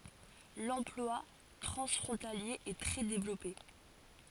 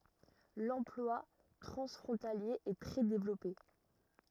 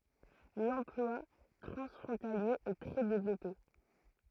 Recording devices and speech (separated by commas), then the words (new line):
forehead accelerometer, rigid in-ear microphone, throat microphone, read sentence
L'emploi transfrontalier est très développé.